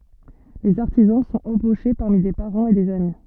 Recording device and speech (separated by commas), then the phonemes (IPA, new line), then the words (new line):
soft in-ear microphone, read sentence
lez aʁtizɑ̃ sɔ̃t ɑ̃boʃe paʁmi de paʁɑ̃z e dez ami
Les artisans sont embauchés parmi des parents et des amis.